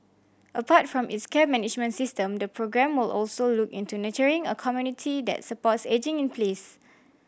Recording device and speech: boundary microphone (BM630), read sentence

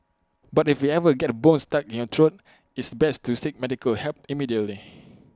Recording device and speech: close-talking microphone (WH20), read sentence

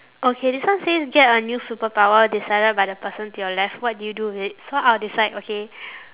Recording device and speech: telephone, conversation in separate rooms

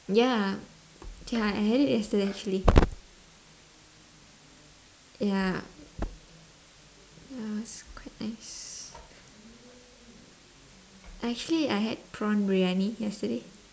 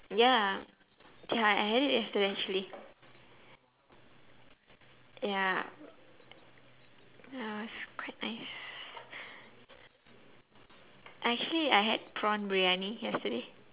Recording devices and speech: standing microphone, telephone, conversation in separate rooms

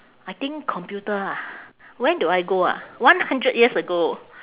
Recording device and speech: telephone, conversation in separate rooms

